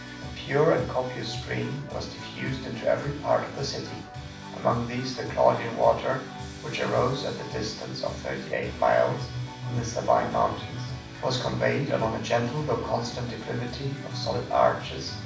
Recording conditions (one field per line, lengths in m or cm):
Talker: one person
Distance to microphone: 5.8 m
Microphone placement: far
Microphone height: 1.8 m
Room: medium-sized (5.7 m by 4.0 m)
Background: music